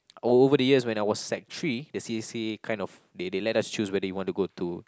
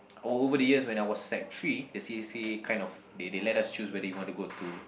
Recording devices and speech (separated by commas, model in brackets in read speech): close-talking microphone, boundary microphone, conversation in the same room